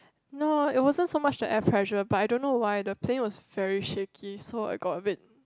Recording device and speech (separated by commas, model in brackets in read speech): close-talking microphone, conversation in the same room